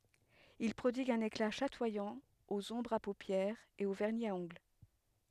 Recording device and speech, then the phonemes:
headset microphone, read sentence
il pʁodiɡt œ̃n ekla ʃatwajɑ̃ oz ɔ̃bʁz a popjɛʁz e o vɛʁni a ɔ̃ɡl

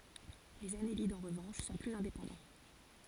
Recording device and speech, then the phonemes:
forehead accelerometer, read sentence
lez anelidz ɑ̃ ʁəvɑ̃ʃ sɔ̃ plyz ɛ̃depɑ̃dɑ̃

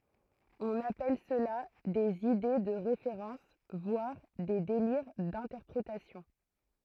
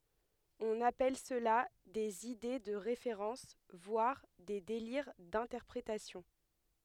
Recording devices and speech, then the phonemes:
throat microphone, headset microphone, read sentence
ɔ̃n apɛl səla dez ide də ʁefeʁɑ̃s vwaʁ de deliʁ dɛ̃tɛʁpʁetasjɔ̃

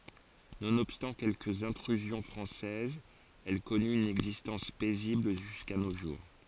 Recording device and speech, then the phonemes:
forehead accelerometer, read sentence
nonɔbstɑ̃ kɛlkəz ɛ̃tʁyzjɔ̃ fʁɑ̃sɛzz ɛl kɔny yn ɛɡzistɑ̃s pɛzibl ʒyska no ʒuʁ

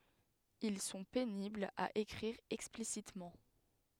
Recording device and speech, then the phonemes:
headset microphone, read sentence
il sɔ̃ peniblz a ekʁiʁ ɛksplisitmɑ̃

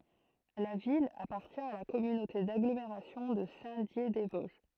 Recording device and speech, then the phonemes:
throat microphone, read sentence
la vil apaʁtjɛ̃ a la kɔmynote daɡlomeʁasjɔ̃ də sɛ̃tdjedɛzvɔzʒ

